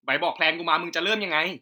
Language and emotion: Thai, angry